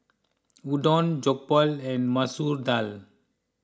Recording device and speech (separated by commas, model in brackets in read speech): close-talking microphone (WH20), read sentence